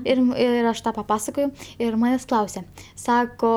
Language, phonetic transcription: Lithuanian, ˈir ˈir aš ˈtą paˈpasakojau ˈir ˈmanės' ˈklausia ˈsako

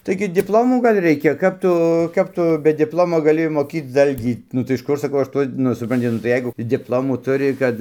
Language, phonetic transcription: Lithuanian, ˈtaigi dipˈlomų ˈgal' ˈreikia ˈkap tu ˈkap tu be dipˈlomo gaˈli moˈkyc ˈdalgį nu tai iš ˈkur saˈkau ˈaš ˈtuo ˈnu supranˈti nu tai ˈjeigu dipˈlomų ˈturi ˈkad

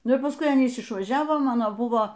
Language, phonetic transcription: Lithuanian, ˈnu ir pasˈkui ˈanys išvaˈžiavo ˈmano ˈbuvo

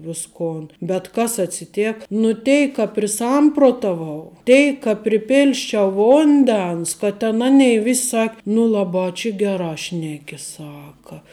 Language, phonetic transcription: Lithuanian, ˈviskon bet ˈkas atsiˈtėk nu ˈteik ka priˈsamprotavau ˈteik ka priˈpilsčiau ˈvundens ka ˈten ˈanei ˈvis' ˈsak' nu ˈlaˌbā či ˈgerā ˈšneki ˈsaka

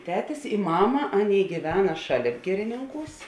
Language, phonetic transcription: Lithuanian, ˈtetis i ˈmama ˈaˌnėi gyˈvena ˈšaˌlėp ˈgirininˌkūs

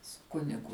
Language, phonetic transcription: Lithuanian, su ˈkunigu

